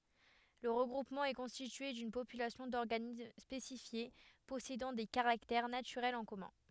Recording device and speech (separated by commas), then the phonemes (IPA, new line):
headset microphone, read sentence
lə ʁəɡʁupmɑ̃ ɛ kɔ̃stitye dyn popylasjɔ̃ dɔʁɡanism spesifje pɔsedɑ̃ de kaʁaktɛʁ natyʁɛlz ɑ̃ kɔmœ̃